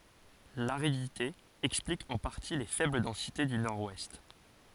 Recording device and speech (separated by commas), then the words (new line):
forehead accelerometer, read sentence
L'aridité explique en partie les faibles densités du Nord-Ouest.